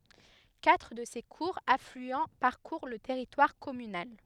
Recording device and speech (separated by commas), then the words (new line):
headset microphone, read sentence
Quatre de ses courts affluents parcourent le territoire communal.